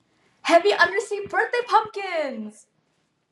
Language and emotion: English, happy